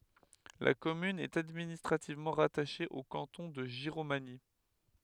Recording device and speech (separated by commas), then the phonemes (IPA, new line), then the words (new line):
headset microphone, read sentence
la kɔmyn ɛt administʁativmɑ̃ ʁataʃe o kɑ̃tɔ̃ də ʒiʁomaɲi
La commune est administrativement rattachée au canton de Giromagny.